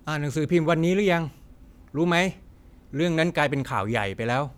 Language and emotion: Thai, neutral